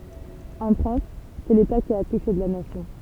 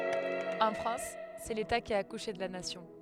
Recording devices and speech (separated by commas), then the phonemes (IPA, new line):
temple vibration pickup, headset microphone, read sentence
ɑ̃ fʁɑ̃s sɛ leta ki a akuʃe də la nasjɔ̃